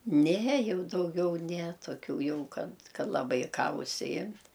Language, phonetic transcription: Lithuanian, ne ˈjau dauˈgiau ne toˈkių ˈjau ˈkad ˈkad laˈbai ˈką užsiˈjimt

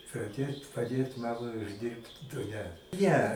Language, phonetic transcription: Lithuanian, paˈdėt paˈdėt ˈmamai užˈdirbt du ˈne ˈne

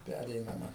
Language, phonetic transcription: Lithuanian, ˈpæreinama

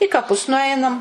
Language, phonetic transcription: Lithuanian, i kaˈpus nuˈainam

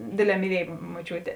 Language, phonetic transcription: Lithuanian, ˈdėˌdlē myˈliej moˈčiūtė

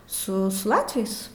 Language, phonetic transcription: Lithuanian, ˈsu su ˈlatviais

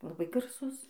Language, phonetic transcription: Lithuanian, laˈbai garˈsus

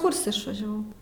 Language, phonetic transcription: Lithuanian, ˈkurse išvažiaˈvau

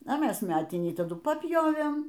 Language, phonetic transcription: Lithuanian, a ˈmes ˈmetinį taˈdu paˈpjovėm

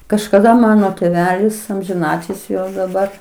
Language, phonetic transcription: Lithuanian, kažkaˈda ˈmano tėˈvelis amžiˈnatilsi jau daˈbar

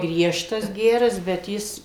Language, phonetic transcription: Lithuanian, ˈgriežtas ˈgeras bet ˈjis

